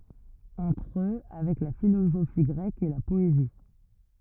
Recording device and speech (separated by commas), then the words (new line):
rigid in-ear microphone, read sentence
Entre eux, avec la philosophie grecque et la poésie.